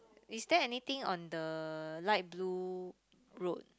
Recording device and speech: close-talking microphone, conversation in the same room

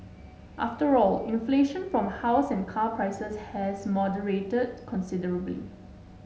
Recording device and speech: mobile phone (Samsung S8), read sentence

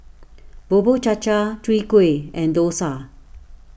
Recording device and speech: boundary microphone (BM630), read sentence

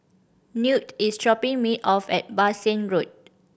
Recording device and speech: boundary microphone (BM630), read sentence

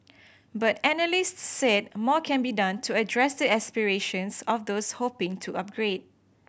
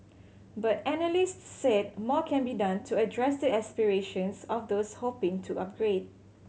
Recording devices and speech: boundary microphone (BM630), mobile phone (Samsung C7100), read sentence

